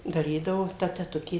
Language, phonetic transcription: Lithuanian, daˈrydavo ˈta teˈtukė

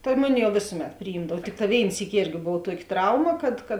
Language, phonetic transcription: Lithuanian, ta ˈmuˌni jau ˈvėsuˌmet priˈjymdav ˈtikˌtā ˈvėin ˈsyki ˈėrgi ˈbov ˈtuoki ˈtrauma kad kad

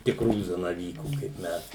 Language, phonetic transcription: Lithuanian, tikˈrųjų zanaˈvykų kaip ˈmes

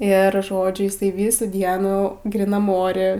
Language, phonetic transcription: Lithuanian, ir ˈžodžiu ˈjisai ˈvysų ˈdienų gryˈnam ˈore

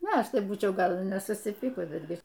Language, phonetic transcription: Lithuanian, ˈnu ˈaš ˈtai ˈbūčiau ˈgal i nesusiˈpykus betˈgi

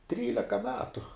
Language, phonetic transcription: Lithuanian, ˈtryleka ˈmetu

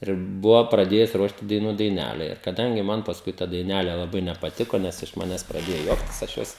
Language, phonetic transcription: Lithuanian, ir ˈbuvo praˈdėjus ˈruošt i daiˈnų daiˈnele ir kaˈdangi ˈman pasˈkui ta daiˈnæle laˈbai nepaˈtiko ˈnes iš ˈmanes praˈdėjo ˈjuoktis aš ˈjos

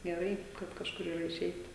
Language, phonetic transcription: Lithuanian, geˈrai kad kažˈkur yˈra iˈšeit

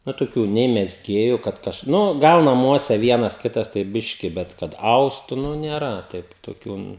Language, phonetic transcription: Lithuanian, nu toˈkių nei mezˈgėju kad ˈkaž ˈnu ˈgal naˈmuose ˈvienas ˈkitas tai ˈbiški ˈbet ˈkad ˈaustu nu nėˈra ˈtaip toˈkių

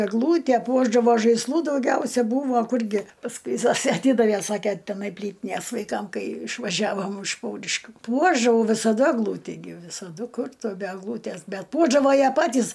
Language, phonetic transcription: Lithuanian, egˈlūte ˈpuošdavo žaisˈlų dauˈgiausia ˈbūvo ˈkurgi pasˈkui ˈzosė aˈtydavė ˈsakė teˈnai ˈplytinės vaiˈkam ˈkai išvaˈžiavom iš ˈpauriškių ˈpuošdavau visaˈda egˈlūtį gi visaˈdu ˈkur ˈtu be egˈlūtæs bet ˈpuošdavo ˈjie ˈpatys

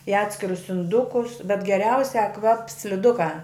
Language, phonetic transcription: Lithuanian, i ˈatskirus inˈdukus bet geˈriausiā ˈkvaps sliˈdukā

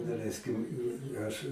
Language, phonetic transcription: Lithuanian, daˈleiskim ˈaš

